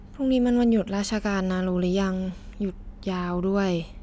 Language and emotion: Thai, frustrated